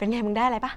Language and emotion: Thai, happy